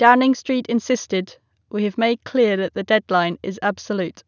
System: none